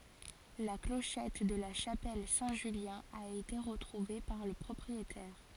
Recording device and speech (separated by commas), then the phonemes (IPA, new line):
forehead accelerometer, read sentence
la kloʃɛt də la ʃapɛl sɛ̃ ʒyljɛ̃ a ete ʁətʁuve paʁ lə pʁɔpʁietɛʁ